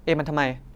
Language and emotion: Thai, angry